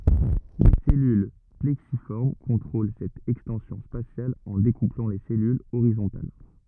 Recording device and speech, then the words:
rigid in-ear microphone, read sentence
Les cellules plexiformes contrôlent cette extension spatiale en découplant les cellules horizontales.

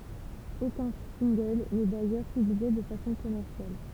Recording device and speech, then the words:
temple vibration pickup, read sentence
Aucun single n'est d'ailleurs publié de façon commerciale.

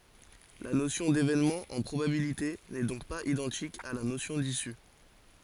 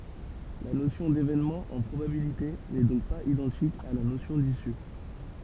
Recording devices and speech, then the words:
forehead accelerometer, temple vibration pickup, read sentence
La notion d'événement en probabilités n'est donc pas identique à la notion d'issue.

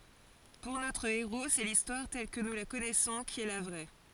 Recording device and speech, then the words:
forehead accelerometer, read sentence
Pour notre héros, c'est l'Histoire telle que nous la connaissons qui est la vraie.

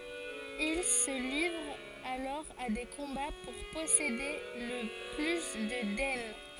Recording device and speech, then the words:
forehead accelerometer, read sentence
Ils se livrent alors à des combats pour posséder le plus de daines.

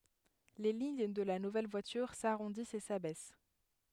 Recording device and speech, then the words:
headset microphone, read sentence
Les lignes de la nouvelle voiture s'arrondissent et s'abaissent.

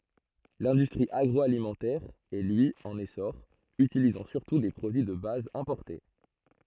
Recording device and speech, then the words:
throat microphone, read sentence
L'industrie agroalimentaire est lui en essor, utilisant surtout des produits de base importés.

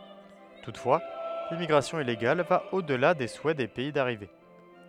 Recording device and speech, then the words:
headset microphone, read sentence
Toutefois, l'immigration illégale va au-delà des souhaits des pays d’arrivée.

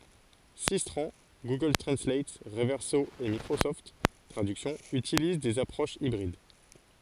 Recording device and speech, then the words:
forehead accelerometer, read sentence
Systran, Google Translate, Reverso et Microsoft Traduction utilisent des approches hybrides.

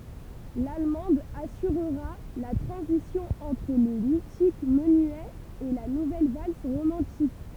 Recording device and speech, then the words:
temple vibration pickup, read sentence
L'allemande assurera la transition entre le mythique menuet et la nouvelle valse romantique.

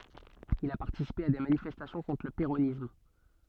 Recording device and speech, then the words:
soft in-ear microphone, read sentence
Il a participé à des manifestations contre le péronisme.

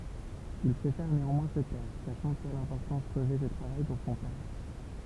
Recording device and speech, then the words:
temple vibration pickup, read sentence
Il préfère néanmoins se taire, sachant quelle importance revêt ce travail pour son père.

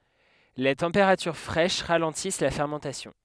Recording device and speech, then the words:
headset microphone, read sentence
Les températures fraîches ralentissent la fermentation.

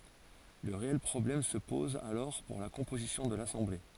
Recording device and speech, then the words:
forehead accelerometer, read sentence
Le réel problème se pose alors pour la composition de l’Assemblée.

